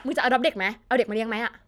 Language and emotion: Thai, frustrated